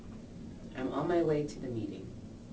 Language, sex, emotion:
English, female, neutral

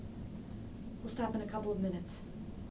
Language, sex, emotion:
English, female, neutral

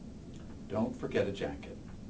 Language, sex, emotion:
English, male, neutral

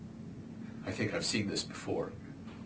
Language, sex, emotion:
English, male, neutral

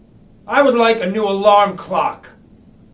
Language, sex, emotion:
English, male, angry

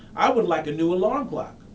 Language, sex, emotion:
English, male, neutral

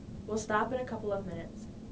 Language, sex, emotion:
English, female, neutral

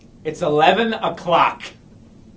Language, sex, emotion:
English, male, angry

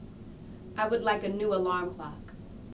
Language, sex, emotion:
English, female, neutral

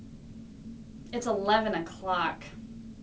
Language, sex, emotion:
English, female, disgusted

